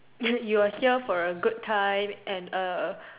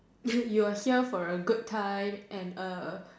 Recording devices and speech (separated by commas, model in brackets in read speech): telephone, standing microphone, conversation in separate rooms